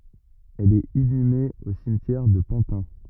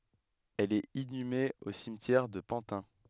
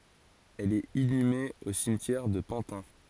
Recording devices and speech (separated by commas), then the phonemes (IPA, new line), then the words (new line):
rigid in-ear microphone, headset microphone, forehead accelerometer, read sentence
ɛl ɛt inyme o simtjɛʁ də pɑ̃tɛ̃
Elle est inhumée au cimetière de Pantin.